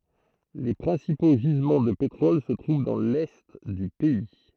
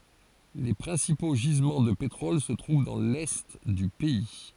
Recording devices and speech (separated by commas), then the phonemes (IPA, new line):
throat microphone, forehead accelerometer, read sentence
le pʁɛ̃sipo ʒizmɑ̃ də petʁɔl sə tʁuv dɑ̃ lɛ dy pɛi